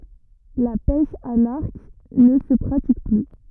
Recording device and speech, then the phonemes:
rigid in-ear microphone, read sentence
la pɛʃ a laʁk nə sə pʁatik ply

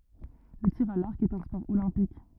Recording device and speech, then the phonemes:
rigid in-ear microphone, read sentence
lə tiʁ a laʁk ɛt œ̃ spɔʁ olɛ̃pik

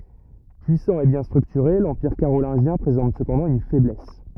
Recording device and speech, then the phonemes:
rigid in-ear microphone, read sentence
pyisɑ̃ e bjɛ̃ stʁyktyʁe lɑ̃piʁ kaʁolɛ̃ʒjɛ̃ pʁezɑ̃t səpɑ̃dɑ̃ yn fɛblɛs

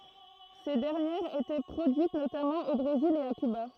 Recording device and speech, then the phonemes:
throat microphone, read sentence
se dɛʁnjɛʁz etɛ pʁodyit notamɑ̃ o bʁezil e a kyba

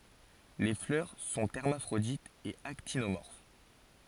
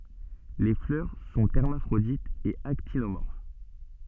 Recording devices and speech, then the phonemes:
forehead accelerometer, soft in-ear microphone, read sentence
le flœʁ sɔ̃ ɛʁmafʁoditz e aktinomɔʁf

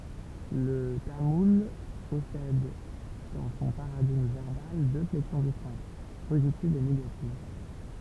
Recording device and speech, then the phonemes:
temple vibration pickup, read sentence
lə tamul pɔsɛd dɑ̃ sɔ̃ paʁadiɡm vɛʁbal dø flɛksjɔ̃ distɛ̃kt pozitiv e neɡativ

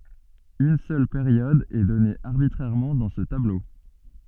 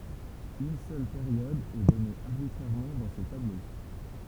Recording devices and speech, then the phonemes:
soft in-ear microphone, temple vibration pickup, read sentence
yn sœl peʁjɔd ɛ dɔne aʁbitʁɛʁmɑ̃ dɑ̃ sə tablo

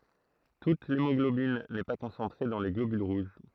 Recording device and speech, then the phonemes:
throat microphone, read sentence
tut lemɔɡlobin nɛ pa kɔ̃sɑ̃tʁe dɑ̃ le ɡlobyl ʁuʒ

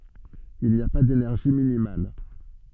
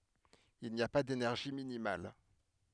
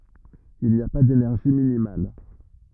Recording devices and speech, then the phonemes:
soft in-ear microphone, headset microphone, rigid in-ear microphone, read sentence
il ni a pa denɛʁʒi minimal

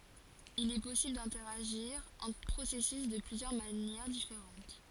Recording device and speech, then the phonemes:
forehead accelerometer, read sentence
il ɛ pɔsibl dɛ̃tɛʁaʒiʁ ɑ̃tʁ pʁosɛsys də plyzjœʁ manjɛʁ difeʁɑ̃t

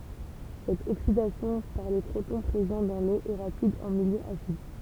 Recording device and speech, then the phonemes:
temple vibration pickup, read sentence
sɛt oksidasjɔ̃ paʁ le pʁotɔ̃ pʁezɑ̃ dɑ̃ lo ɛ ʁapid ɑ̃ miljø asid

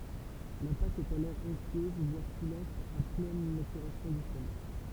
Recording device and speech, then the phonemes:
temple vibration pickup, read sentence
la pat ɛt alɔʁ ɔ̃ktyøz vwaʁ kulɑ̃t a plɛn matyʁasjɔ̃ dy fʁomaʒ

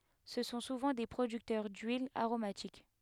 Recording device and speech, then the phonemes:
headset microphone, read sentence
sə sɔ̃ suvɑ̃ de pʁodyktœʁ dyilz aʁomatik

